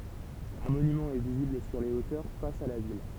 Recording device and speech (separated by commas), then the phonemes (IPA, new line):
temple vibration pickup, read sentence
œ̃ monymɑ̃ ɛ vizibl syʁ le otœʁ fas a la vil